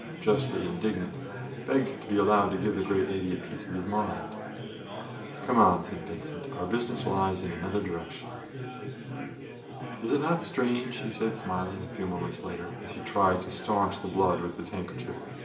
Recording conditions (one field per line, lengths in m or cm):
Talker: one person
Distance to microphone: 1.8 m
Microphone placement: close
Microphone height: 1.0 m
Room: large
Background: babble